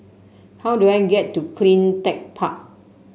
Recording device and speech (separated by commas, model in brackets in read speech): mobile phone (Samsung C7), read sentence